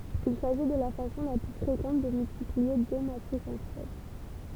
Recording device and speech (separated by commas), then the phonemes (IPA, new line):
temple vibration pickup, read sentence
il saʒi də la fasɔ̃ la ply fʁekɑ̃t də myltiplie de matʁisz ɑ̃tʁ ɛl